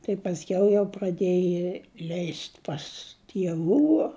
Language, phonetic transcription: Lithuanian, tai pasˈkiau jau praˈdėji leist' pas tieˈvų

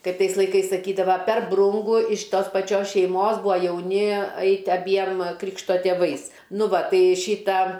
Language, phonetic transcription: Lithuanian, ˈkaip ˈtais laiˈkais saˈkydava per ˈbrungu iš ˈtos paˈčios šeiˈmos ˈbua jauˈni ˈaiti aˈbiem ˈkrikšto tėˈvais ˈnu ˈva ˈtai ˈšyta

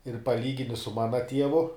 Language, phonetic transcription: Lithuanian, ir paˈlygini su ˈmana ˈtievu

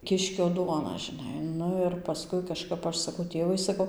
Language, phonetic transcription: Lithuanian, ˈkiškio ˈduona žiˈnai ˈnu ir paˈskui kaˈžkap ˈaš saˈkau ˈtėvai saˈkau

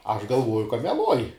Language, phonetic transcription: Lithuanian, aš galˈvuoju ka meˈluoj

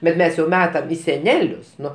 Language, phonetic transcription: Lithuanian, bet ˈmes jau ˈmetam į seˈnelius ˈnu

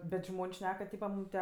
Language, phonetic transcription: Lithuanian, bet ˈžmon's' ˈšnek ka ˈtypa ˈmūm tie

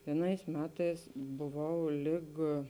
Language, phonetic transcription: Lithuanian, vieˈnais ˈmetais buˈvau ˈlig

